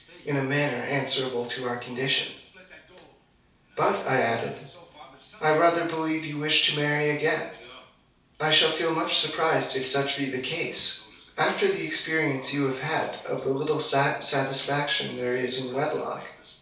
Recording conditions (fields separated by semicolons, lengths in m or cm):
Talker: one person; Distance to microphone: 3.0 m; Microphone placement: far; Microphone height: 1.8 m; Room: small (3.7 m by 2.7 m); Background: television